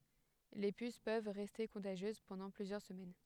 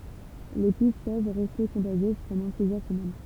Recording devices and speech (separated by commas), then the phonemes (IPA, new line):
headset microphone, temple vibration pickup, read sentence
le pys pøv ʁɛste kɔ̃taʒjøz pɑ̃dɑ̃ plyzjœʁ səmɛn